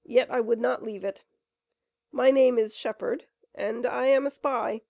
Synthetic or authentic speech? authentic